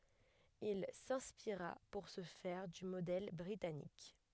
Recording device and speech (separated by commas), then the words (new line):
headset microphone, read sentence
Il s'inspira pour ce faire du modèle britannique.